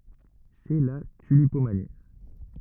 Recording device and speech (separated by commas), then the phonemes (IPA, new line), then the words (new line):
rigid in-ear microphone, read sentence
sɛ la tylipomani
C'est la tulipomanie.